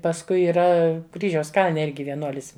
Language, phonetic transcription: Lithuanian, pasˈkui yˈra ˈkryžiaus ˈkalne ˈirgi vieˈnuolis

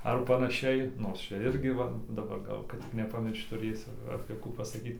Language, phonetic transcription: Lithuanian, ar panaˈšiai ˈnors ˈčia ˈirgi ˈva daˈbar ˈgal kad tik nepaˈmiršč tuˈrėsiu apė ˈkų pasaˈkyt

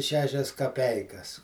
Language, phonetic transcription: Lithuanian, ˈšešias kaˈpeikas

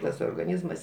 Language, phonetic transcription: Lithuanian, tas orgaˈnyzmas

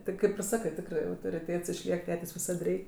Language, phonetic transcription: Lithuanian, ˈti kaip ir ˈsakɜ ˈtikrɜ turi autoriˈtėts išˈliek ˈtetės' viˈsad ˈrei

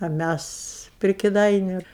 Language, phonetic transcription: Lithuanian, a ˈmæs pri kiˈdainiu

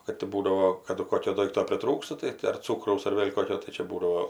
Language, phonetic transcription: Lithuanian, ˈkad ti ˈbūdao ˈkadu ˈkokio ˈdoikto priˈtrūksta tai ti ar ˈcūkraus ar ˈvėl' ˈkokio tai ˈčia ˈbūdavo

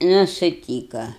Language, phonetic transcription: Lithuanian, ˈnu suˈtyka

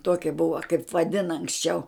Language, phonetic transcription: Lithuanian, ˈtuokia ˈbuva kaip vaˈdina anksˈčiau

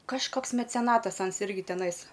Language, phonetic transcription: Lithuanian, kažˈkoks meceˈnatas ˈans ˈirgi teˈnais

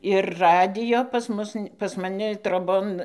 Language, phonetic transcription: Lithuanian, ir ˈradijo pas ˈmus pas maˈni troˈbon

